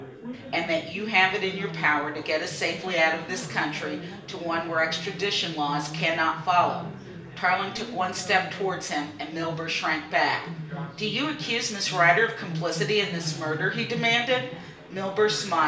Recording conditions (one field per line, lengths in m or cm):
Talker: one person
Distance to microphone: 1.8 m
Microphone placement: close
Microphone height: 1.0 m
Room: large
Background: babble